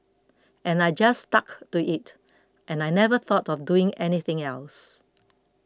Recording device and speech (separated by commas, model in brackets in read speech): close-talking microphone (WH20), read sentence